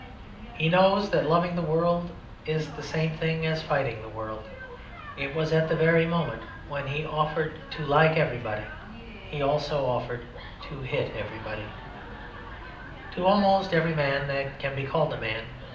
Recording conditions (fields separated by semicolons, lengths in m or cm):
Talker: one person; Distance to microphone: 2.0 m; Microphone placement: close; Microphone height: 99 cm; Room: medium-sized (5.7 m by 4.0 m); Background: television